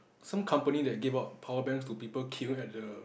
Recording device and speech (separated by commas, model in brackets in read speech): boundary microphone, conversation in the same room